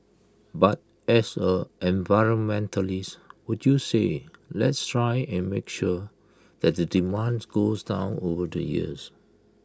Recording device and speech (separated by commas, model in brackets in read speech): close-talking microphone (WH20), read sentence